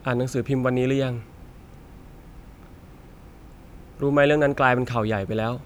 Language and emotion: Thai, frustrated